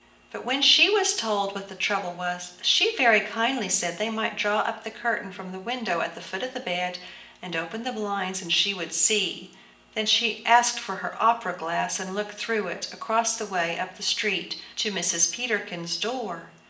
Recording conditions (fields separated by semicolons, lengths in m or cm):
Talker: one person; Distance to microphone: 1.8 m; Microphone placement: close; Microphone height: 1.0 m; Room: large; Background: none